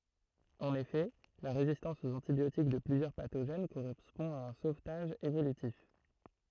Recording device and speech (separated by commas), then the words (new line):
throat microphone, read sentence
En effet, la résistance aux antibiotiques de plusieurs pathogènes correspond à un sauvetage évolutif.